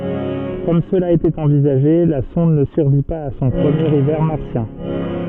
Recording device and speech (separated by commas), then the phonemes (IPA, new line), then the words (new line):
soft in-ear microphone, read sentence
kɔm səla etɛt ɑ̃vizaʒe la sɔ̃d nə syʁvi paz a sɔ̃ pʁəmjeʁ ivɛʁ maʁsjɛ̃
Comme cela était envisagé, la sonde ne survit pas à son premier hiver martien.